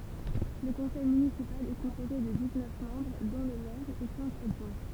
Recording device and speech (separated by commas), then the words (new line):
temple vibration pickup, read sentence
Le conseil municipal est composé de dix-neuf membres dont le maire et cinq adjoints.